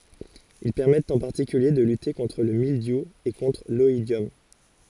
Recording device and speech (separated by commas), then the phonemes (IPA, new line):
forehead accelerometer, read sentence
il pɛʁmɛtt ɑ̃ paʁtikylje də lyte kɔ̃tʁ lə mildju e kɔ̃tʁ lɔidjɔm